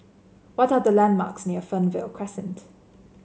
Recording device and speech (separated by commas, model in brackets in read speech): mobile phone (Samsung C7), read sentence